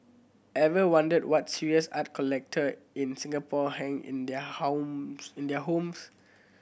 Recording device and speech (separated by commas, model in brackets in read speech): boundary microphone (BM630), read sentence